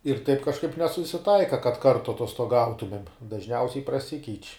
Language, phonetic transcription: Lithuanian, ir taip kažˈkaip nesusiˈtaika kad ˈkartu atostoˈgautumėm dažˈniausiai praˈsikeič'

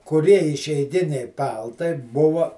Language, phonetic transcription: Lithuanian, kuˈrie išeiˈginiai ˈpaltai ˈbuva

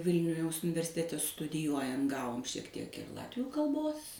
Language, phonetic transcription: Lithuanian, ˈvilniu jaus universiˈtete studiˈjuojan ˈgavom šiek ˈtiek ir ˈlatvių kalˈbos

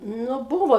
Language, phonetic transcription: Lithuanian, ˈnu ˈbūvo

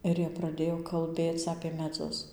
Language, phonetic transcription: Lithuanian, ˈir jie praˈdėjo kalˈbėc apė meˈdzus

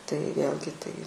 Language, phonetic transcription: Lithuanian, tai ˈvėlgi ˈtai

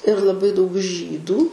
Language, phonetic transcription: Lithuanian, ir laˈbai daug ˈžydų

